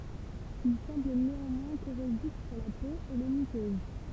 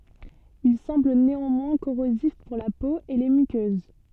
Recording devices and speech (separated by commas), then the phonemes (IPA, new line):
temple vibration pickup, soft in-ear microphone, read sentence
il sɑ̃bl neɑ̃mwɛ̃ koʁozif puʁ la po e le mykøz